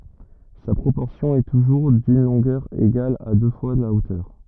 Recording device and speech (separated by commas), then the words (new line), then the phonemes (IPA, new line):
rigid in-ear microphone, read sentence
Sa proportion est toujours d'une longueur égale à deux fois la hauteur.
sa pʁopɔʁsjɔ̃ ɛ tuʒuʁ dyn lɔ̃ɡœʁ eɡal a dø fwa la otœʁ